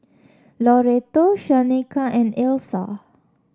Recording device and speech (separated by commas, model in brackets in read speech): standing microphone (AKG C214), read sentence